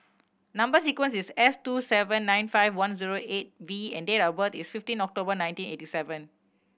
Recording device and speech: boundary microphone (BM630), read sentence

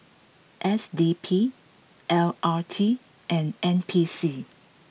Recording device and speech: mobile phone (iPhone 6), read sentence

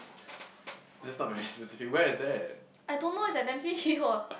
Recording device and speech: boundary microphone, conversation in the same room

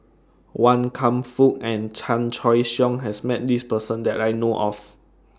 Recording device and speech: standing microphone (AKG C214), read sentence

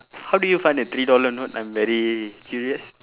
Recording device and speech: telephone, conversation in separate rooms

